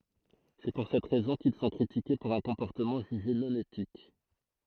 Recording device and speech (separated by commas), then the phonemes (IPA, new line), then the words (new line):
throat microphone, read sentence
sɛ puʁ sɛt ʁɛzɔ̃ kil sɔ̃ kʁitike puʁ œ̃ kɔ̃pɔʁtəmɑ̃ ʒyʒe nɔ̃ etik
C'est pour cette raison qu'ils sont critiqués pour un comportement jugé non éthique.